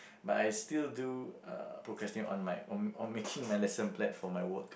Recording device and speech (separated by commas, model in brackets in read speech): boundary microphone, conversation in the same room